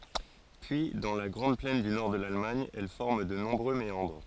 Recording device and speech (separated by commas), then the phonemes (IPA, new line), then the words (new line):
forehead accelerometer, read sentence
pyi dɑ̃ la ɡʁɑ̃d plɛn dy nɔʁ də lalmaɲ ɛl fɔʁm də nɔ̃bʁø meɑ̃dʁ
Puis, dans la grande plaine du nord de l'Allemagne, elle forme de nombreux méandres.